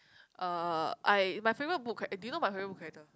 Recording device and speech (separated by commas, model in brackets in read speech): close-talking microphone, conversation in the same room